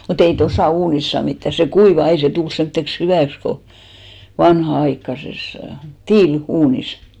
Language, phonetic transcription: Finnish, mu't ‿ei "tosà 'uunis saa 'mittä , se "kuivà ei se 'tul 'semtteks "hyvä̀ks ko , 'vanha₍aikkases , "tiil₍'uunis .
- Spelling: mutta ei tuossa uunissa saa mitään se kuivaa ei se tule semmoiseksi hyväksi kuin vanhanaikaisessa tiiliuunissa

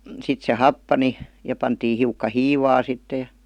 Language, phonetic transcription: Finnish, sit se "happani , ja 'pantii hiukka "hiivaa sitte ,.
- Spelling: sitten se happani ja pantiin hiukka hiivaa sitten

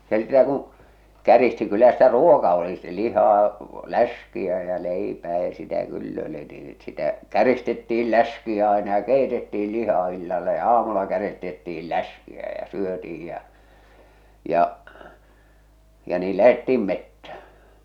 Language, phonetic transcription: Finnish, ja , se sitä kuṵ , 'käristi kyllä sitä "ruoka oli stɪ 'lihaa , "läs̀kiä jä 'leipää ja sitä "kyll ‿ö̳li nii , sitä , 'käristetti₍il "läs̀kiä aina ja "keitetti₍il "lihaa illalla ja "aamulla 'käristetti₍il "läs̀kiä ja 'syöti₍ij jä͔ , ja’ , ja nii 'lähettiim 'mettä .
- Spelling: ja se sitä kun käristi kyllä sitä ruoka oli sitä lihaa läskiä ja leipää ja sitä kyllä oli niin sitä käristettiin läskiä aina ja keitettiin lihaa illalla ja aamulla käristettiin läskiä ja syötiin ja ja ja niin lähdettiin metsään

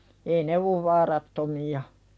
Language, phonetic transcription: Finnish, ee 'ne ov "vaarattomi₍a .
- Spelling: ei ne ole vaarattomia

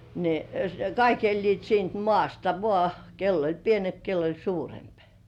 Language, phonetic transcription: Finnish, ne , "kaik 'eĺliit siint 'mŏ§àsta "vŏà , 'kell ‿oĺ 'pienemp 'kell ‿oĺ "suuremp .
- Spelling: ne kaikki elivät siitä maasta vain kenellä oli pienempi kenellä oli suurempi

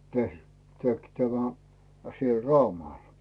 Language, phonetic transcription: Finnish, ter- tek , tämä , siel 'Raumàl .
- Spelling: - teki tämä siellä Raumalla

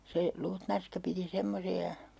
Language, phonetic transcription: Finnish, se , 'luutnanska piti 'semmosi₍a , .
- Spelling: se luutnanska piti semmoisia

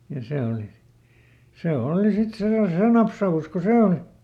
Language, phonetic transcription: Finnish, ja ˈse òli , ˈse ˈooli sit ˈse ja ˈsee napsa₍us ko "see oli .
- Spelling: ja se oli se oli sitten se ja se napsaus kun se oli

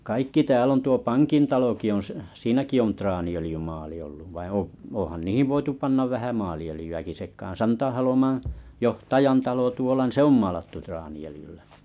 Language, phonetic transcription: Finnish, 'kaikki 'tääl ‿on tuo 'paŋkin taloki on s- s- 'siinäki on 'traani₍ölⁱjymaali olluv vain 'o- 'oo̰han 'niihiv voitu pannav 'vähä 'maali₍ölⁱjy₍äki sek̀aan 'Santalomaa̰ , "johtajan 'talo tuola niin "se ‿om 'maalattu traani₍öljyllä .
- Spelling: kaikki täällä on tuo pankin talokin on - - siinäkin on traaniöljymaali ollut vaan - onhan niihin voitu panna vähän maaliöljyäkin sekaan Santaholman johtajan talo tuolla niin se on maalattu traaniöljyllä

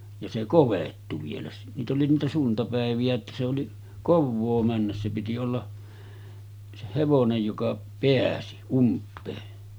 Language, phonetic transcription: Finnish, ja se "kovettu vielä , niit ‿oli niitä 'suntapäeviʲä että se oli , 'kovvoo männäs se piti olla , se 'hevonej joka 'peäsi , 'ump̆pee .
- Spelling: ja se kovettui vielä niitä oli niitä suntapäiviä että se oli kovaa mennä se piti olla se hevonen joka pääsi umpea

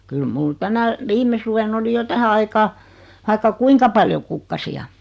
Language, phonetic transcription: Finnish, 'kyl 'mul "tänä , 'vime suven ‿oli 'jo 'tähä aikaa , 'vaikka "kuiŋka paljo kukkasi₍a .
- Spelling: kyllä minulla tänä viime suvena oli jo tähän aikaan vaikka kuinka paljon kukkasia

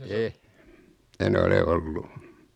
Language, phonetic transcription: Finnish, eh , 'en ‿ole 'ollu .
- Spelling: en en ole ollut

